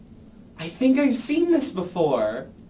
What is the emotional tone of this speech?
happy